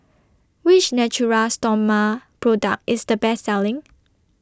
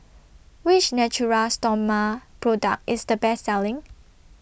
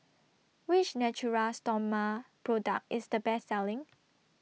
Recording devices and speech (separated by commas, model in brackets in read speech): standing microphone (AKG C214), boundary microphone (BM630), mobile phone (iPhone 6), read sentence